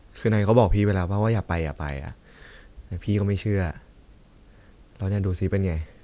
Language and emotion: Thai, frustrated